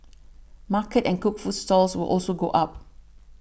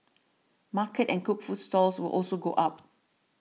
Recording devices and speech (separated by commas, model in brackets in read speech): boundary microphone (BM630), mobile phone (iPhone 6), read sentence